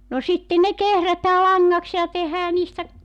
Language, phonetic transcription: Finnish, no 'sitten ne 'kehrätää 'laŋŋaks ja 'tehää niistä ,.
- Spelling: no sitten ne kehrätään langaksi ja tehdään niistä

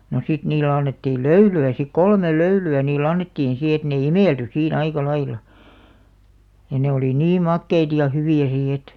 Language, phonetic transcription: Finnish, no 'sit niillᵉ 'annettiil "löyly₍ä sik "kolmel "löyly₍ä 'niilˡ ‿annettiin si et ne "imèlty 'sii"n ‿aika laila ja ne olì "nii 'makkeit ja 'hyvì₍ä si et .
- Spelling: no sitten niille annettiin löylyä sitten kolme löylyä niille annettiin sitten että ne imeltyi siinä aika lailla ja ne oli niin makeita ja hyviä sitten että

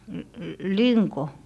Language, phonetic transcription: Finnish, l - l - 'liŋko ?
- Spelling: - - linko

